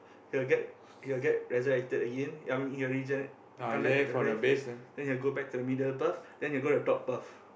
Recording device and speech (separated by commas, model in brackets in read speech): boundary microphone, conversation in the same room